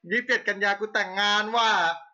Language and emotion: Thai, happy